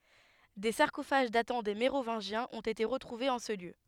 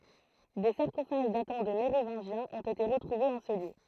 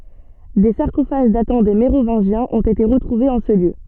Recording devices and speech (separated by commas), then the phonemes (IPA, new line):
headset microphone, throat microphone, soft in-ear microphone, read sentence
de saʁkofaʒ datɑ̃ de meʁovɛ̃ʒjɛ̃z ɔ̃t ete ʁətʁuvez ɑ̃ sə ljø